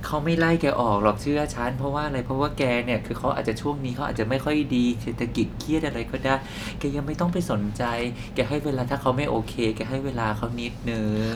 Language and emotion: Thai, frustrated